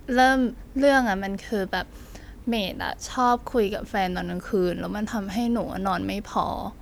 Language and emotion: Thai, frustrated